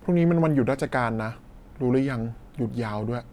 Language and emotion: Thai, neutral